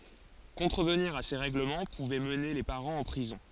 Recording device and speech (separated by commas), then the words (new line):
forehead accelerometer, read sentence
Contrevenir à ces règlements pouvait mener les parents en prison.